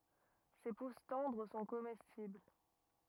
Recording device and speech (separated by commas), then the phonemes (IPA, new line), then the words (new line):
rigid in-ear microphone, read sentence
se pus tɑ̃dʁ sɔ̃ komɛstibl
Ses pousses tendres sont comestibles.